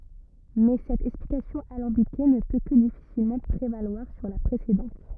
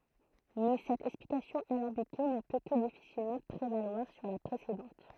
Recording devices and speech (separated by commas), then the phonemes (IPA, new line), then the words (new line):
rigid in-ear microphone, throat microphone, read sentence
mɛ sɛt ɛksplikasjɔ̃ alɑ̃bike nə pø kə difisilmɑ̃ pʁevalwaʁ syʁ la pʁesedɑ̃t
Mais cette explication alambiquée ne peut que difficilement prévaloir sur la précédente.